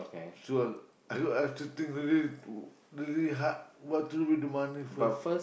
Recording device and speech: boundary microphone, conversation in the same room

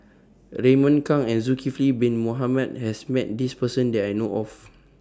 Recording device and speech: standing microphone (AKG C214), read sentence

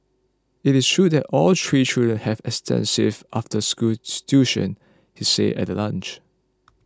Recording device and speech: close-talking microphone (WH20), read sentence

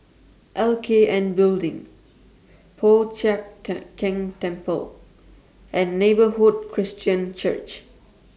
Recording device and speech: standing microphone (AKG C214), read sentence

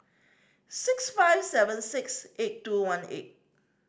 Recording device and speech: standing microphone (AKG C214), read sentence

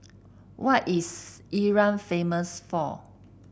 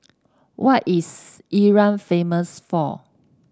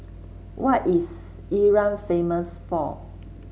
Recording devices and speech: boundary microphone (BM630), standing microphone (AKG C214), mobile phone (Samsung C7), read sentence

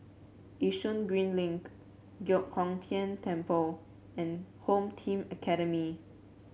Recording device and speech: mobile phone (Samsung C7), read sentence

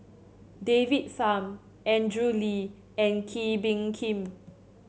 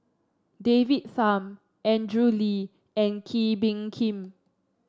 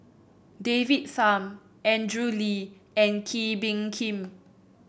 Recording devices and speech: mobile phone (Samsung C7), standing microphone (AKG C214), boundary microphone (BM630), read sentence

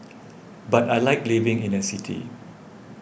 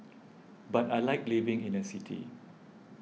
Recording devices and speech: boundary microphone (BM630), mobile phone (iPhone 6), read sentence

